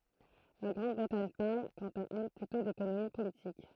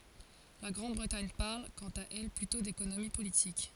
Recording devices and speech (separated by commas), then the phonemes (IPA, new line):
throat microphone, forehead accelerometer, read sentence
la ɡʁɑ̃dbʁətaɲ paʁl kɑ̃t a ɛl plytɔ̃ dekonomi politik